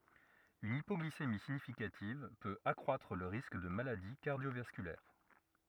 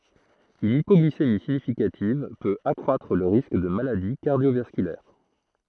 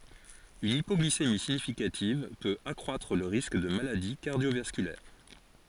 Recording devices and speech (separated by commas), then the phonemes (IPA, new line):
rigid in-ear microphone, throat microphone, forehead accelerometer, read sentence
yn ipɔɡlisemi siɲifikativ pøt akʁwatʁ lə ʁisk də maladi kaʁdjovaskylɛʁ